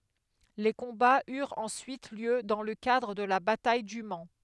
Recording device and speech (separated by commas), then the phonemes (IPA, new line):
headset microphone, read sentence
le kɔ̃baz yʁt ɑ̃syit ljø dɑ̃ lə kadʁ də la bataj dy man